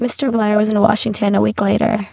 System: VC, spectral filtering